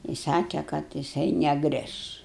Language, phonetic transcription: Lithuanian, i ˈsake kad jiˈsai neˈgriš

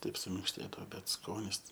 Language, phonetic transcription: Lithuanian, ˈtaip suminkšˈtėdao ˈbet ˈskonis

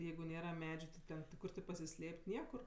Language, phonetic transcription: Lithuanian, ˈjeigu ˈnėra ˈmedžiu ti ˈten ˈkur ti pasiˈslėp't' ˈniekur

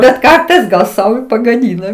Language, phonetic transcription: Lithuanian, bet ˈkartais gal ˈsau i pagaˈdyna

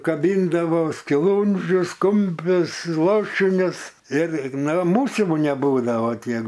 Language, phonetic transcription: Lithuanian, kaˈbyndavo skiˈlūndžius ˈkumpius ˈlašinius ir nu ˈmūsiu neˈbūdavo ˈtiek

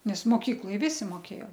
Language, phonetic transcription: Lithuanian, nes moˈkykloj ˈvisi moˈkėjo

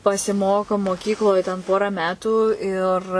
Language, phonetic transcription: Lithuanian, pasiˈmoko moˈkykloj ten ˈporą ˈmetų ir

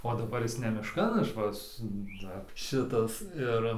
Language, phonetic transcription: Lithuanian, o daˈbar ˈjis ne mišˈkan ˈaš va ˈsu ˈdar ˈšitas ˈir

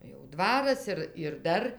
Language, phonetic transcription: Lithuanian, jau ˈdvaras ˈir ir ˈdar

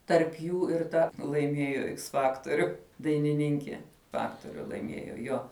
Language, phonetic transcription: Lithuanian, tarp ˈjų ir ˈta laiˈmiejo iks ˈfaktoriu dainiˈninkie ˈfaktoriu laiˈmiejo ˈjo

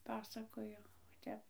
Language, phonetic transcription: Lithuanian, ˈpasakojo o ˈtep

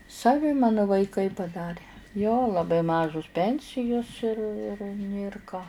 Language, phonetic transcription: Lithuanian, saˈvi ˈmanu vaiˈkai paˈdarė jo laˈbai ˈmažus ˈpensijus ir ir nėr ˈką

